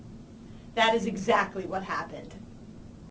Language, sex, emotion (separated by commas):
English, female, angry